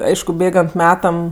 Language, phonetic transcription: Lithuanian, ˈaišku ˈbėgant ˈmetam

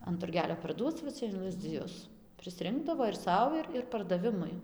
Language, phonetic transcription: Lithuanian, an turˈgelio parˈduoc va ˈcia in lazdziˈjus prisˈrinkdavo ir ˈsau ir ir pardaˈvimui

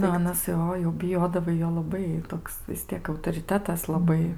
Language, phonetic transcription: Lithuanian, ˈnu aˈnas ˈjo jau biˈjodavai ˈjo laˈbai ˈtoks vis ˈtiek autoriˈtetas laˈbai

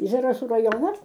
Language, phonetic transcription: Lithuanian, zaraˈsų raˈjonas

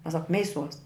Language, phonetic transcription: Lithuanian, mes sak ˈmeiˌsuos

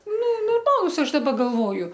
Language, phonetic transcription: Lithuanian, nu norˈmalus ˈaš daˈba galˈvoju

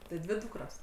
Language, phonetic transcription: Lithuanian, ti ˈdvi ˈdūkros

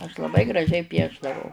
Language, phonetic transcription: Lithuanian, aš laˈbai graˈžiai ˈpiešdavau

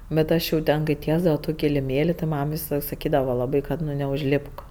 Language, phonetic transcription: Lithuanian, bet ˈaš jau ˈten kai ˈtiesdava jau ˈtų kiliˈmėli ti ˈmam visaˈlaik saˈkydava laˈbai ˈkad ˈnu neužˈlipk

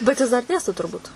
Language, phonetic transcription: Lithuanian, bet jis dar ˈdėsto turˈbūt

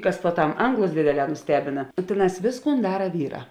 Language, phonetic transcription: Lithuanian, ˈkas puoˈtam ˈanglus ˈdėdėˌlē nuˈstebina ˈtėˌnās ˈvėsˌkūn ˈdara ˈvyˌrā

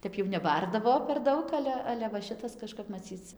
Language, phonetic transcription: Lithuanian, ˈtep jau neˈbardavo per ˈdaug ˈale ˈale va ˈšitas kažˈkap maˈcyc

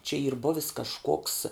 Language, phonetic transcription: Lithuanian, čia yr ˈbuvis kažˈkoks

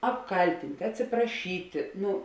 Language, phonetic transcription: Lithuanian, apˈkaltint' atsipraˈšyti ˈnu

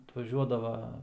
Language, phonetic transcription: Lithuanian, atvaˈžiuodava

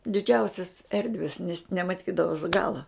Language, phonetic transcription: Lithuanian, diˈdžiausias ˈerdves nes nemaˈtydavos galaˈ

